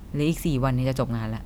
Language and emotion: Thai, neutral